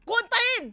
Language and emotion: Thai, angry